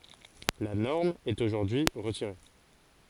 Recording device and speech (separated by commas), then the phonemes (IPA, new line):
forehead accelerometer, read sentence
la nɔʁm ɛt oʒuʁdyi ʁətiʁe